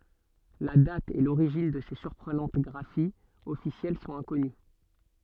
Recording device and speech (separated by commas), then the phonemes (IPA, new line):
soft in-ear microphone, read sentence
la dat e loʁiʒin də se syʁpʁənɑ̃t ɡʁafiz ɔfisjɛl sɔ̃t ɛ̃kɔny